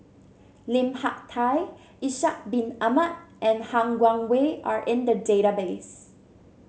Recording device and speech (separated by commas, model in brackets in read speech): mobile phone (Samsung C7), read sentence